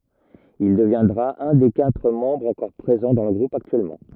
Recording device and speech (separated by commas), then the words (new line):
rigid in-ear microphone, read sentence
Il deviendra un des quatre membres encore présents dans le groupe actuellement.